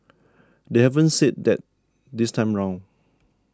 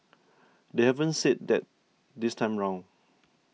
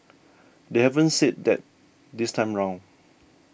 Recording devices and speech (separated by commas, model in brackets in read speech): standing microphone (AKG C214), mobile phone (iPhone 6), boundary microphone (BM630), read sentence